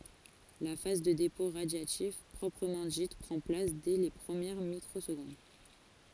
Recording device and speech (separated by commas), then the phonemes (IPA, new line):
forehead accelerometer, read sentence
la faz də depɔ̃ ʁadjatif pʁɔpʁəmɑ̃ dit pʁɑ̃ plas dɛ le pʁəmjɛʁ mikʁozɡɔ̃d